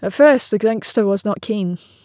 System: none